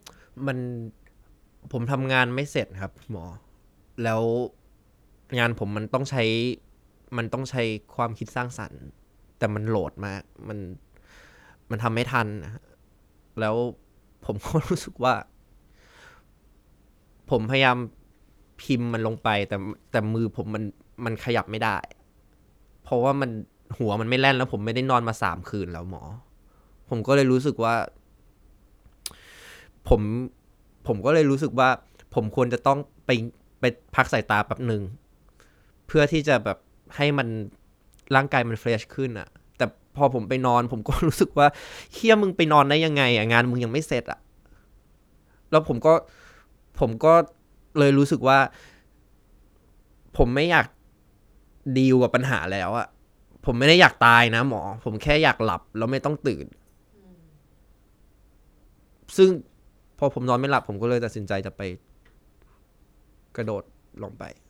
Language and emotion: Thai, sad